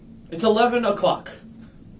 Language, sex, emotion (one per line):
English
male
neutral